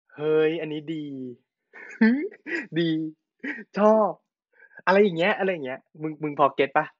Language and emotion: Thai, happy